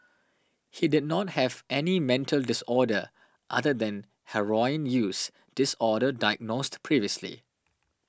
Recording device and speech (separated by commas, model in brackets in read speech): standing microphone (AKG C214), read sentence